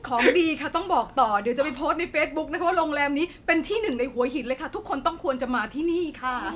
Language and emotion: Thai, happy